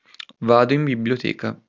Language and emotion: Italian, neutral